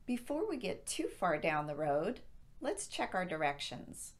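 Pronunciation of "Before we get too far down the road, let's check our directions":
The voice rises at the end of 'Before we get too far down the road', showing that more is coming.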